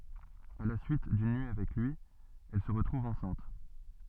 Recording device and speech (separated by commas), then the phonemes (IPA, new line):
soft in-ear microphone, read sentence
a la syit dyn nyi avɛk lyi ɛl sə ʁətʁuv ɑ̃sɛ̃t